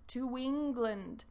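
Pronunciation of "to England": A w sound links 'to' and 'England', so it sounds like 'to wing-land'. 'England' has an 'ung' sound, not an n sound.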